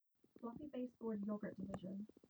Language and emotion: English, disgusted